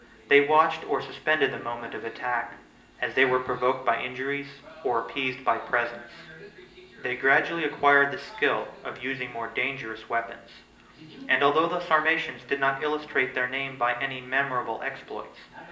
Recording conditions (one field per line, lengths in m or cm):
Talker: one person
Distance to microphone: 1.8 m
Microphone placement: close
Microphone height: 1.0 m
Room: large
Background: television